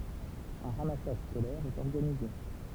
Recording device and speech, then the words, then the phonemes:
temple vibration pickup, read sentence
Un ramassage scolaire est organisé.
œ̃ ʁamasaʒ skolɛʁ ɛt ɔʁɡanize

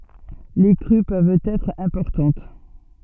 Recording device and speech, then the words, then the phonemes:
soft in-ear microphone, read sentence
Les crues peuvent être importantes.
le kʁy pøvt ɛtʁ ɛ̃pɔʁtɑ̃t

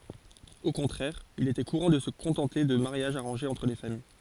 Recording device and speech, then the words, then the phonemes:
forehead accelerometer, read sentence
Au contraire, il était courant de se contenter de mariages arrangés entre les familles.
o kɔ̃tʁɛʁ il etɛ kuʁɑ̃ də sə kɔ̃tɑ̃te də maʁjaʒz aʁɑ̃ʒez ɑ̃tʁ le famij

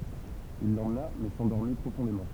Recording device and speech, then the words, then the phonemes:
temple vibration pickup, read sentence
Il l'emmena mais s'endormit profondément.
il lemna mɛ sɑ̃dɔʁmi pʁofɔ̃demɑ̃

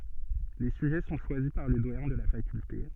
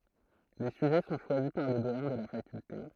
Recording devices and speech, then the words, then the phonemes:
soft in-ear microphone, throat microphone, read sentence
Les sujets sont choisis par le doyen de la faculté.
le syʒɛ sɔ̃ ʃwazi paʁ lə dwajɛ̃ də la fakylte

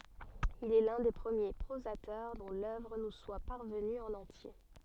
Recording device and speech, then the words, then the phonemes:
soft in-ear microphone, read sentence
Il est l’un des premiers prosateurs dont l'œuvre nous soit parvenue en entier.
il ɛ lœ̃ de pʁəmje pʁozatœʁ dɔ̃ lœvʁ nu swa paʁvəny ɑ̃n ɑ̃tje

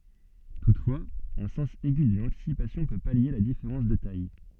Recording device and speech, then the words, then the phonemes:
soft in-ear microphone, read sentence
Toutefois, un sens aigu de l'anticipation peut pallier la différence de taille.
tutfwaz œ̃ sɑ̃s ɛɡy də lɑ̃tisipasjɔ̃ pø palje la difeʁɑ̃s də taj

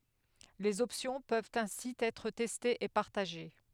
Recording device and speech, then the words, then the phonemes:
headset microphone, read sentence
Les options peuvent ainsi être testées et partagées.
lez ɔpsjɔ̃ pøvt ɛ̃si ɛtʁ tɛstez e paʁtaʒe

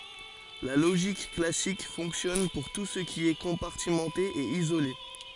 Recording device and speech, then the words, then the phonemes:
forehead accelerometer, read sentence
La logique classique fonctionne pour tout ce qui est compartimenté et isolé.
la loʒik klasik fɔ̃ksjɔn puʁ tu sə ki ɛ kɔ̃paʁtimɑ̃te e izole

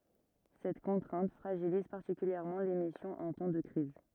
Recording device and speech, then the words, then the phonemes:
rigid in-ear microphone, read sentence
Cette contrainte fragilise particulièrement l’émission en temps de crise.
sɛt kɔ̃tʁɛ̃t fʁaʒiliz paʁtikyljɛʁmɑ̃ lemisjɔ̃ ɑ̃ tɑ̃ də kʁiz

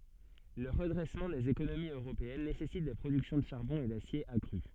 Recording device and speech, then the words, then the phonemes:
soft in-ear microphone, read sentence
Le redressement des économies européennes nécessite des productions de charbon et d’acier accrues.
lə ʁədʁɛsmɑ̃ dez ekonomiz øʁopeɛn nesɛsit de pʁodyksjɔ̃ də ʃaʁbɔ̃ e dasje akʁy

